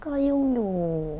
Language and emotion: Thai, frustrated